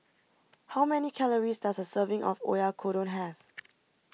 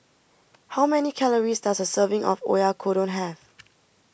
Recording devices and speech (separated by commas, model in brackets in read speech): mobile phone (iPhone 6), boundary microphone (BM630), read sentence